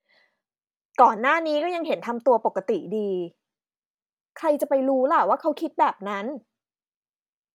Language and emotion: Thai, frustrated